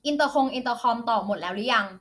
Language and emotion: Thai, frustrated